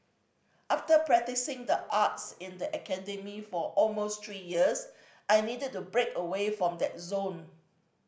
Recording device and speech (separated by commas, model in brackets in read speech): boundary microphone (BM630), read sentence